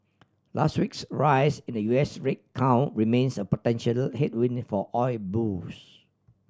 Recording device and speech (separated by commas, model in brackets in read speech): standing microphone (AKG C214), read sentence